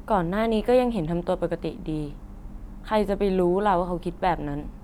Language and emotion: Thai, neutral